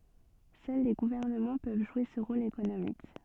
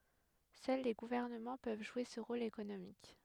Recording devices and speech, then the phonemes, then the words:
soft in-ear microphone, headset microphone, read sentence
sœl le ɡuvɛʁnəmɑ̃ pøv ʒwe sə ʁol ekonomik
Seuls les gouvernements peuvent jouer ce rôle économique.

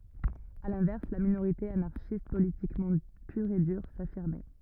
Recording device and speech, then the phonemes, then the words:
rigid in-ear microphone, read sentence
a lɛ̃vɛʁs la minoʁite anaʁʃist politikmɑ̃ pyʁ e dyʁ safiʁmɛ
À l'inverse, la minorité anarchiste politiquement pure et dure, s'affirmait.

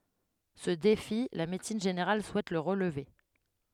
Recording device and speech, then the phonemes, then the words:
headset microphone, read sentence
sə defi la medəsin ʒeneʁal suɛt lə ʁəlve
Ce défi, la médecine générale souhaite le relever.

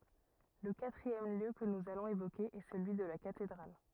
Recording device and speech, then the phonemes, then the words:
rigid in-ear microphone, read sentence
lə katʁiɛm ljø kə nuz alɔ̃z evoke ɛ səlyi də la katedʁal
Le quatrième lieu que nous allons évoquer est celui de la cathédrale.

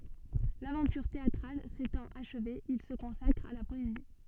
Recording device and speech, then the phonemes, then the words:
soft in-ear microphone, read sentence
lavɑ̃tyʁ teatʁal setɑ̃t aʃve il sə kɔ̃sakʁ a la pɔezi
L'aventure théatrale s'étant achevée, il se consacre à la poésie.

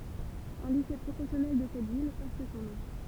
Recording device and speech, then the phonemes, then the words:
temple vibration pickup, read sentence
œ̃ lise pʁofɛsjɔnɛl də sɛt vil pɔʁt sɔ̃ nɔ̃
Un lycée professionnel de cette ville porte son nom.

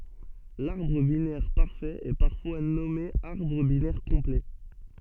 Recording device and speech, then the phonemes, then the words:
soft in-ear microphone, read sentence
laʁbʁ binɛʁ paʁfɛt ɛ paʁfwa nɔme aʁbʁ binɛʁ kɔ̃plɛ
L'arbre binaire parfait est parfois nommé arbre binaire complet.

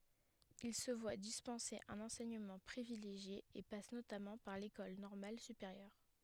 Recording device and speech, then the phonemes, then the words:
headset microphone, read sentence
il sə vwa dispɑ̃se œ̃n ɑ̃sɛɲəmɑ̃ pʁivileʒje e pas notamɑ̃ paʁ lekɔl nɔʁmal sypeʁjœʁ
Il se voit dispenser un enseignement privilégié et passe notamment par l'École normale supérieure.

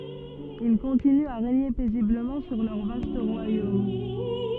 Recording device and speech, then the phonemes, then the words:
soft in-ear microphone, read sentence
il kɔ̃tinyt a ʁeɲe pɛzibləmɑ̃ syʁ lœʁ vast ʁwajom
Ils continuent à régner paisiblement sur leur vaste royaume.

